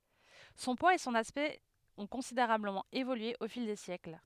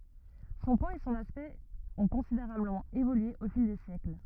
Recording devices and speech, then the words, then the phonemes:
headset microphone, rigid in-ear microphone, read sentence
Son poids et son aspect ont considérablement évolué au fil des siècles.
sɔ̃ pwaz e sɔ̃n aspɛkt ɔ̃ kɔ̃sideʁabləmɑ̃ evolye o fil de sjɛkl

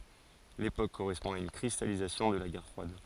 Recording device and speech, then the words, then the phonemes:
forehead accelerometer, read sentence
L’époque correspond à une cristallisation de la guerre froide.
lepok koʁɛspɔ̃ a yn kʁistalizasjɔ̃ də la ɡɛʁ fʁwad

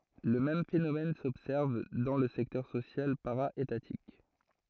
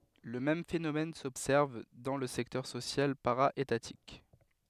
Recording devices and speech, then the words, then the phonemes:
throat microphone, headset microphone, read sentence
Le même phénomène s’observe dans le secteur social para-étatique.
lə mɛm fenomɛn sɔbsɛʁv dɑ̃ lə sɛktœʁ sosjal paʁa etatik

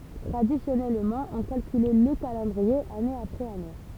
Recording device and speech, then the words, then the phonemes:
temple vibration pickup, read sentence
Traditionnellement, on calculait le calendrier année après années.
tʁadisjɔnɛlmɑ̃ ɔ̃ kalkylɛ lə kalɑ̃dʁie ane apʁɛz ane

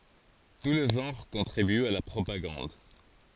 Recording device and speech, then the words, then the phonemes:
forehead accelerometer, read sentence
Tous les genres contribuent à la propagande.
tu le ʒɑ̃ʁ kɔ̃tʁibyt a la pʁopaɡɑ̃d

